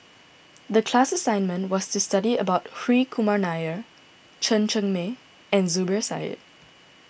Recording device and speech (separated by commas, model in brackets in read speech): boundary microphone (BM630), read sentence